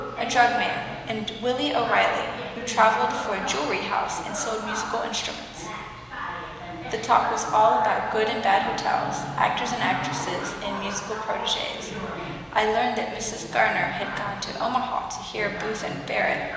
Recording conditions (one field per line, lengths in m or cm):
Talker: one person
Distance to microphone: 1.7 m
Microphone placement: close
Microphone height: 1.0 m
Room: very reverberant, large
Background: television